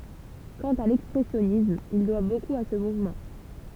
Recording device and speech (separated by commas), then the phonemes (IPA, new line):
temple vibration pickup, read sentence
kɑ̃t a lɛkspʁɛsjɔnism il dwa bokup a sə muvmɑ̃